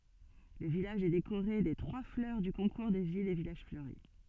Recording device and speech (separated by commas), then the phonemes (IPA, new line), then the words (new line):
soft in-ear microphone, read sentence
lə vilaʒ ɛ dekoʁe de tʁwa flœʁ dy kɔ̃kuʁ de vilz e vilaʒ fløʁi
Le village est décoré des trois fleurs du concours des villes et villages fleuris.